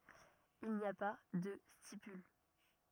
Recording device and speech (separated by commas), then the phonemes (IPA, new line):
rigid in-ear microphone, read sentence
il ni a pa də stipyl